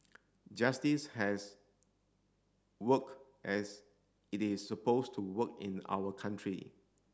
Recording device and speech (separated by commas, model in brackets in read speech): standing microphone (AKG C214), read sentence